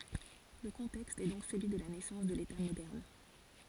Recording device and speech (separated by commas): forehead accelerometer, read sentence